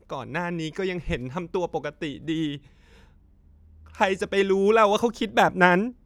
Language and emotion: Thai, sad